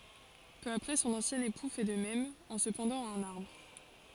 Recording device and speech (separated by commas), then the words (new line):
forehead accelerometer, read sentence
Peu après son ancien époux fait de même, en se pendant à un arbre.